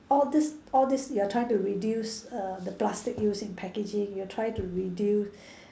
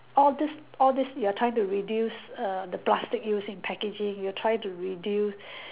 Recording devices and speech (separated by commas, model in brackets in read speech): standing microphone, telephone, conversation in separate rooms